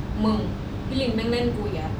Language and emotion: Thai, frustrated